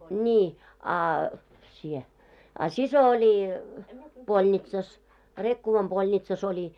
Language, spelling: Finnish, niin a sinä a sisko oli polnitsassa Rekkovan polnitsassa oli
- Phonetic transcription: ńii a , sie , a 'siso 'oli , 'polnitsas , 'Rekkuvam ʙolnitsas ‿oĺi .

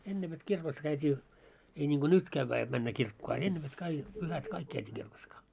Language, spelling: Finnish, ennen vet kirkossa käytiin ei niin kuin nyt käydään jotta mennään kirkkoon a ennen vet - pyhät kaikki käytiin kirkossa -
- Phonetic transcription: 'enne vet "kirkos 'käyt́ii , ei ńiŋɢo "nyt 'kävvää jot männä 'kirkkoo a 'enne vet kai- , pyhät 'kaik 'käytii kirkos ka- ,.

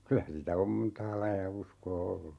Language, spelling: Finnish, kyllä sitä on montaa lajia uskoa ollut
- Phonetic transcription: "kylä sitä 'om "m̥ntaa 'laija 'uskoo 'ollu .

